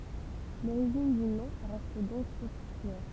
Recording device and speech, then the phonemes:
temple vibration pickup, read sentence
loʁiʒin dy nɔ̃ ʁɛst dɔ̃k ɔbskyʁ

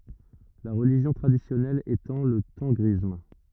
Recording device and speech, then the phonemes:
rigid in-ear microphone, read sentence
la ʁəliʒjɔ̃ tʁadisjɔnɛl etɑ̃ lə tɑ̃ɡʁism

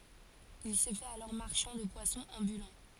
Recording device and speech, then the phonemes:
forehead accelerometer, read sentence
il sə fɛt alɔʁ maʁʃɑ̃ də pwasɔ̃z ɑ̃bylɑ̃

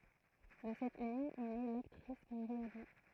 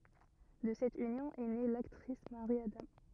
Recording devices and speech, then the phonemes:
throat microphone, rigid in-ear microphone, read sentence
də sɛt ynjɔ̃ ɛ ne laktʁis maʁi adɑ̃

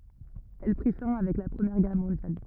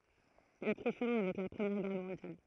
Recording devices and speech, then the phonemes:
rigid in-ear microphone, throat microphone, read sentence
ɛl pʁi fɛ̃ avɛk la pʁəmjɛʁ ɡɛʁ mɔ̃djal

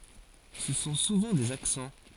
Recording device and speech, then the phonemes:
forehead accelerometer, read sentence
sə sɔ̃ suvɑ̃ dez aksɑ̃

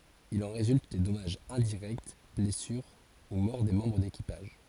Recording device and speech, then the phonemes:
forehead accelerometer, read sentence
il ɑ̃ ʁezylt de dɔmaʒz ɛ̃diʁɛkt blɛsyʁ u mɔʁ de mɑ̃bʁ dekipaʒ

